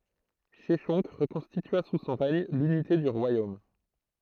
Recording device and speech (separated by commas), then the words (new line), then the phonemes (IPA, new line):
throat microphone, read sentence
Sheshonq reconstitua sous son règne l'unité du royaume.
ʃɛʃɔ̃k ʁəkɔ̃stitya su sɔ̃ ʁɛɲ lynite dy ʁwajom